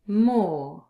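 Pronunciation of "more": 'more' is said with a British pronunciation and has a long o vowel.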